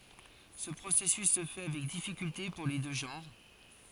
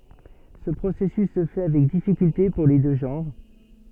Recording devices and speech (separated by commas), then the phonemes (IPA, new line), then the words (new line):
forehead accelerometer, soft in-ear microphone, read sentence
sə pʁosɛsys sə fɛ avɛk difikylte puʁ le dø ʒɑ̃ʁ
Ce processus se fait avec difficulté pour les deux genres.